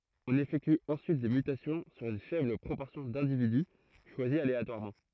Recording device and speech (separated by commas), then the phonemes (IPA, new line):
throat microphone, read sentence
ɔ̃n efɛkty ɑ̃syit de mytasjɔ̃ syʁ yn fɛbl pʁopɔʁsjɔ̃ dɛ̃dividy ʃwazi aleatwaʁmɑ̃